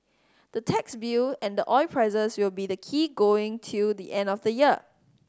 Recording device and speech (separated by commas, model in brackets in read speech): standing microphone (AKG C214), read sentence